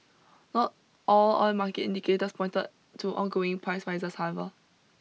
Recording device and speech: mobile phone (iPhone 6), read sentence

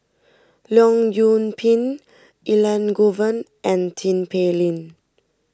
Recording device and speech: standing microphone (AKG C214), read sentence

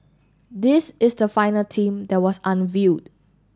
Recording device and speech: standing microphone (AKG C214), read sentence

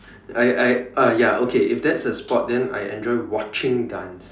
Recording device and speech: standing microphone, conversation in separate rooms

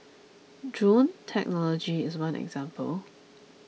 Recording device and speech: mobile phone (iPhone 6), read sentence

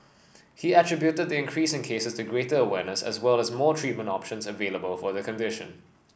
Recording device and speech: boundary microphone (BM630), read sentence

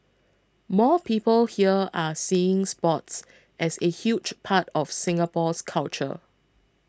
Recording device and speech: close-talking microphone (WH20), read sentence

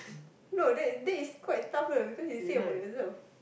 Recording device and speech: boundary microphone, conversation in the same room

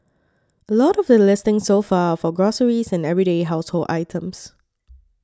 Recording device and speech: standing microphone (AKG C214), read sentence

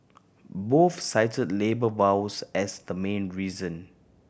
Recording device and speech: boundary microphone (BM630), read sentence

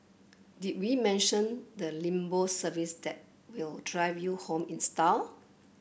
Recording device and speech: boundary microphone (BM630), read sentence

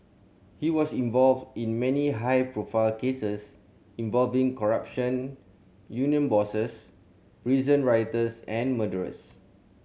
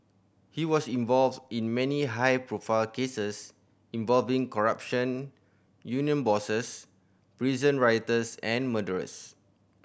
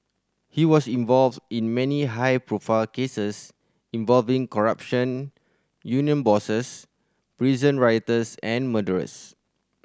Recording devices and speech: mobile phone (Samsung C7100), boundary microphone (BM630), standing microphone (AKG C214), read sentence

